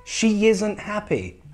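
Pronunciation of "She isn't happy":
'She' ends in an e sound and 'isn't' starts with an i sound, and a y sound joins the two words.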